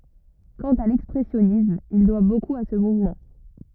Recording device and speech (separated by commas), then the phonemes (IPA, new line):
rigid in-ear microphone, read sentence
kɑ̃t a lɛkspʁɛsjɔnism il dwa bokup a sə muvmɑ̃